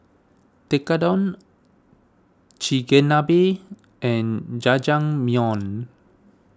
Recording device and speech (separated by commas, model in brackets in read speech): standing microphone (AKG C214), read sentence